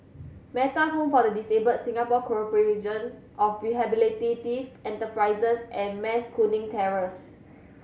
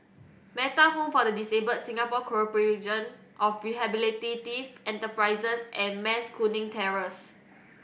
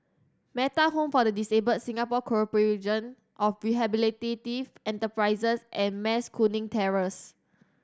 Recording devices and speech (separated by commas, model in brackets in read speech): mobile phone (Samsung C7100), boundary microphone (BM630), standing microphone (AKG C214), read sentence